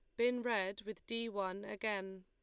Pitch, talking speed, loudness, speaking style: 210 Hz, 175 wpm, -39 LUFS, Lombard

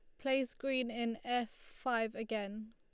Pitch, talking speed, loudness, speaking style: 235 Hz, 145 wpm, -38 LUFS, Lombard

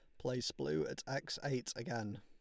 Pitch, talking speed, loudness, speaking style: 125 Hz, 180 wpm, -41 LUFS, Lombard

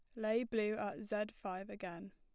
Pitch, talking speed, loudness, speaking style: 215 Hz, 190 wpm, -40 LUFS, plain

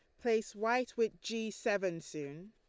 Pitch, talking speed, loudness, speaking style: 220 Hz, 155 wpm, -36 LUFS, Lombard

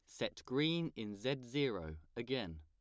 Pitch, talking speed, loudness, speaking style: 125 Hz, 150 wpm, -40 LUFS, plain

